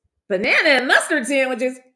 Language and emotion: English, happy